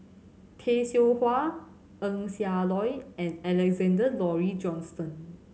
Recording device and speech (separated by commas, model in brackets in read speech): mobile phone (Samsung C7100), read sentence